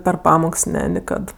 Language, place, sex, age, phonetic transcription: Lithuanian, Aukštaitija, female, 18-60, per ˈpamoks ˈne niˈkad

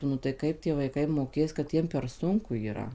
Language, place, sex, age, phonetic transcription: Lithuanian, Suvalkija, female, 18-60, nu tai ˈkaip tie vaiˈkai moˈkės kad ˈjiem per ˈsunku yˈra

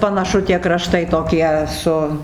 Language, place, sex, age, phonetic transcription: Lithuanian, Dzūkija, female, 60+, panaˈšu tie kraˈštai toˈkie ˈsu

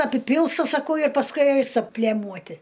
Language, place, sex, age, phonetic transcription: Lithuanian, Aukštaitija, female, 60+, apiˈpilsta saˈkau ir pasˈkui ˈaista ˈplėmuoti

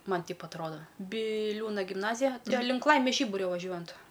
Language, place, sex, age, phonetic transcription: Lithuanian, Aukštaitija, female, 18-60, ˈman ˈteip atˈroda biˈliūna gimˈnazija ˈten link ˈlaimės ˈžyburio vaˈžiuojant

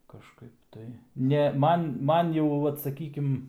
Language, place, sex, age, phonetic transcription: Lithuanian, Aukštaitija, male, 18-60, kažˈkaip tai ˈne ˈman ˈman jau ˈvat saˈkykim

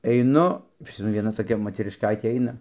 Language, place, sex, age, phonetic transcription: Lithuanian, Dzūkija, male, 60+, eiˈnu pas maˈni vieˈna toˈkia moterišˈkaitė ˈaina

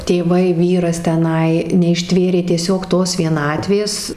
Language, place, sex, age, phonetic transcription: Lithuanian, Suvalkija, female, 18-60, tėˈvai ˈvyras teˈnai neišˈtvėrė tieˈsiog ˈtos vieˈnatvės

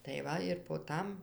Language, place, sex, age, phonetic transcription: Lithuanian, Dzūkija, female, 60+, tai ˈva ir po ˈtam

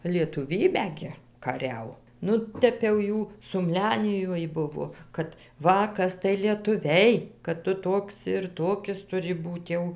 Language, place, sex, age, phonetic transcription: Lithuanian, Dzūkija, female, 60+, lietuˈvybę gi kaˈriau ˈnu ˈtep jau ˈjų sumˈlenijoj ˈbuvo ˈkad ˈva ˈkas tai lietuˈviai kad ˈtu ˈtoks ir ˈtokis tuˈri ˈbūt jau

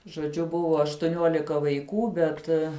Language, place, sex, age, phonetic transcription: Lithuanian, Žemaitija, female, 18-60, žoˈdžiu ˈbuvo aštuˈniuolika vaiˈkų ˈbet

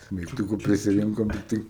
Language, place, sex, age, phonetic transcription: Lithuanian, Aukštaitija, male, 18-60, smeigˈtukų prisiˈrinkom tikˈtai

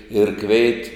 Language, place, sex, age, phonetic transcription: Lithuanian, Žemaitija, male, 60+, ir ˈkveit

